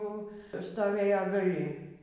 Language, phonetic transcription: Lithuanian, ˈjau stoˈvėja gaˈli

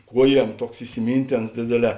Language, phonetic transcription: Lithuanian, ˈkuoˌjiem ˈtuoks isiˈmynˌtėns ˈdėdėˌlē

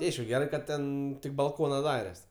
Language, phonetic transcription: Lithuanian, ti ˈaišku ˈgerai ˈkad ˈten tik balˈkona ˈdares

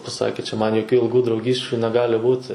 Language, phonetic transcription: Lithuanian, paˈsakė čia ˈman joˈkių ilˈgų drauˈgysčiu neˈgali ˈbūti

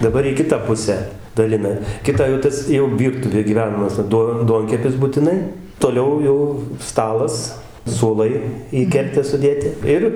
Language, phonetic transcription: Lithuanian, daˈbar į ˈkitą ˈpusę daˈlina ˈkitą jau ˈtas jau ˈvyrtuvė gyˈvenamas ˈduo ˈduonkepis butiˈnai toˈliau ˈjau ˈstalas suoˈlai į ˈkertę suˈdėti ˈir

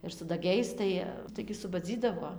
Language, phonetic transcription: Lithuanian, ir su daˈgiais ˈtai ˈtaigi subaˈdzydavo

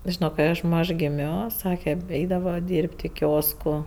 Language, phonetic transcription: Lithuanian, ˈžino kai ˈaš ˈmaž giˈmio ˈsake ˈeidava ˈdyrb't' i ˈkiosku

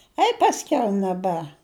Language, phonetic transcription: Lithuanian, ˈai pasˈkiau neˈbe

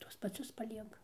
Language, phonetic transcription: Lithuanian, ˈtuos paˈcius paˈlieka

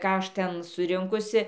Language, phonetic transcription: Lithuanian, ˈką ˈaš ˈten suˈrinkusi

